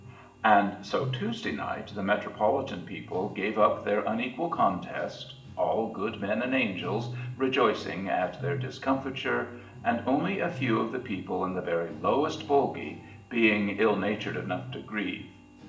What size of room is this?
A large room.